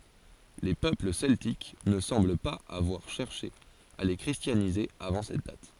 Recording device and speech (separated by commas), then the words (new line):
forehead accelerometer, read sentence
Les peuples celtiques ne semblent pas avoir cherché à les christianiser avant cette date.